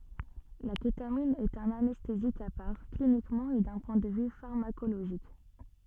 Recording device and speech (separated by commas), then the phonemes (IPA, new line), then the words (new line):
soft in-ear microphone, read sentence
la ketamin ɛt œ̃n anɛstezik a paʁ klinikmɑ̃ e dœ̃ pwɛ̃ də vy faʁmakoloʒik
La kétamine est un anesthésique à part, cliniquement et d'un point de vue pharmacologique.